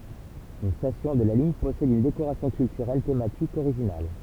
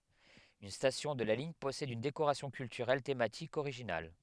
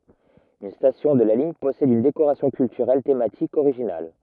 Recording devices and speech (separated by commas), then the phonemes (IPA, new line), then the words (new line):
temple vibration pickup, headset microphone, rigid in-ear microphone, read sentence
yn stasjɔ̃ də la liɲ pɔsɛd yn dekoʁasjɔ̃ kyltyʁɛl tematik oʁiʒinal
Une station de la ligne possède une décoration culturelle thématique originale.